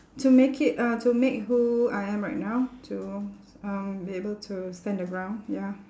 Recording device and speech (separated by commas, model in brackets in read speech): standing microphone, conversation in separate rooms